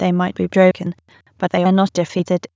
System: TTS, waveform concatenation